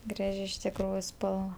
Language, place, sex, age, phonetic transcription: Lithuanian, Aukštaitija, female, 18-60, ˈgraži iš tikˈrųju ˈspalva

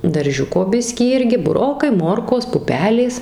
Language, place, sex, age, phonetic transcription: Lithuanian, Suvalkija, female, 18-60, darˈžiuko ˈbiskį ˈirgi buˈrokai ˈmorkos ˈpupelės

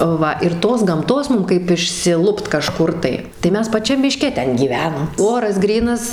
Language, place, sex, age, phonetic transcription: Lithuanian, Suvalkija, female, 18-60, ˈva ir ˈtos gamˈtos ˈmum kaip išsiˈlupt kaˈžkur tai tai ˈmes paˈčiam miˈške ˈten gyˈvenam ˈoras ˈgrynas

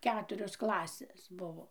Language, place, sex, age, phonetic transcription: Lithuanian, Dzūkija, female, 60+, ˈketurios ˈklasės ˈbuvo

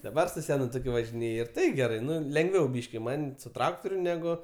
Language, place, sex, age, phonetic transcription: Lithuanian, Aukštaitija, male, 18-60, daˈbar su ˈsenu toˈkiu važiˈnėj ir ˈtai geˈrai ˈnu lenˈgviau ˈbyški ˈman' su ˈtraktoriu ˈnegu

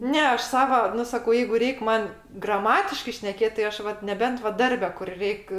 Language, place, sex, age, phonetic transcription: Lithuanian, Aukštaitija, female, 60+, ˈne ˈaš ˈsava ˈnu saˈkau ˈjeigu ˈreik' ˈman graˈmatiškai šneˈkėt' tai ˈaš ˈvat neˈbent va ˈdarbe kur ˈreik'

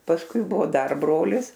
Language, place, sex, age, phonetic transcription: Lithuanian, Aukštaitija, female, 60+, pasˈkui ˈbuvo ˈdar ˈbrolis

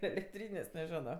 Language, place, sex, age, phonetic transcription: Lithuanian, Aukštaitija, female, 18-60, elekˈtrynės' neˈženo

